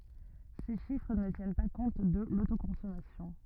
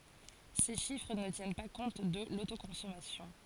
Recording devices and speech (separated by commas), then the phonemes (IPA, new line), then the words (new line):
rigid in-ear microphone, forehead accelerometer, read sentence
se ʃifʁ nə tjɛn pa kɔ̃t də lotokɔ̃sɔmasjɔ̃
Ces chiffres ne tiennent pas compte de l'autoconsommation.